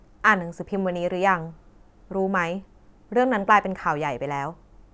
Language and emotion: Thai, neutral